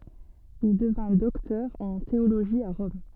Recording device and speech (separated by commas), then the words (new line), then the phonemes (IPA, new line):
soft in-ear microphone, read sentence
Il devint docteur en théologie à Rome.
il dəvɛ̃ dɔktœʁ ɑ̃ teoloʒi a ʁɔm